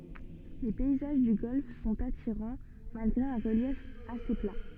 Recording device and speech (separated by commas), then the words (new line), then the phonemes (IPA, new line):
soft in-ear microphone, read sentence
Les paysages du golfe sont attirants, malgré un relief assez plat.
le pɛizaʒ dy ɡɔlf sɔ̃t atiʁɑ̃ malɡʁe œ̃ ʁəljɛf ase pla